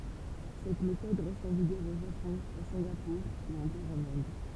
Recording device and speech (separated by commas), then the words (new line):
temple vibration pickup, read sentence
Cette méthode reste en vigueur au Japon, à Singapour ou encore en Inde.